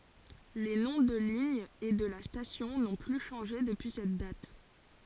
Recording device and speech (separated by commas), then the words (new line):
forehead accelerometer, read sentence
Les noms de ligne et de la station n'ont plus changé depuis cette date.